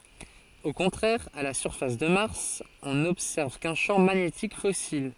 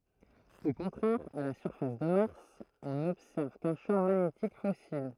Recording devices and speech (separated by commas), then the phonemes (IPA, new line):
forehead accelerometer, throat microphone, read sentence
o kɔ̃tʁɛʁ a la syʁfas də maʁs ɔ̃ nɔbsɛʁv kœ̃ ʃɑ̃ maɲetik fɔsil